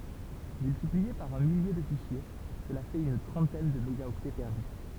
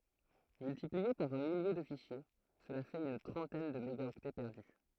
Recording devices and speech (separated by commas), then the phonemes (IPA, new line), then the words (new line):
temple vibration pickup, throat microphone, read sentence
myltiplie paʁ œ̃ milje də fiʃje səla fɛt yn tʁɑ̃tɛn də meɡaɔktɛ pɛʁdy
Multiplié par un millier de fichiers, cela fait une trentaine de mégaoctets perdus.